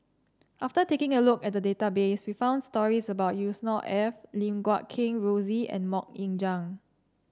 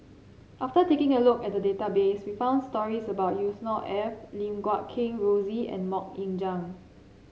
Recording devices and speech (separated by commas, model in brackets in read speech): standing microphone (AKG C214), mobile phone (Samsung C7), read sentence